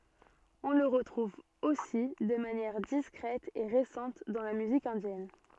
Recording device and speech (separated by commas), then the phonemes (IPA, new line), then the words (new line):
soft in-ear microphone, read sentence
ɔ̃ lə ʁətʁuv osi də manjɛʁ diskʁɛt e ʁesɑ̃t dɑ̃ la myzik ɛ̃djɛn
On le retrouve aussi de manière discrète et récente dans la musique indienne.